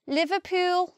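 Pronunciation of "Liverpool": In 'Liverpool', the pitch rises quite a lot at the end.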